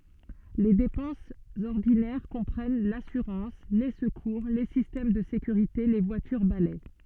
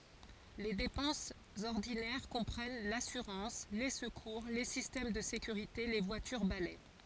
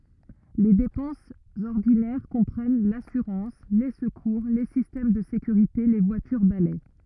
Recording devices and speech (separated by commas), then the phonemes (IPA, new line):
soft in-ear microphone, forehead accelerometer, rigid in-ear microphone, read sentence
le depɑ̃sz ɔʁdinɛʁ kɔ̃pʁɛn lasyʁɑ̃s le səkuʁ le sistɛm də sekyʁite le vwatyʁ balɛ